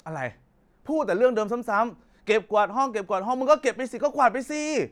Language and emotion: Thai, angry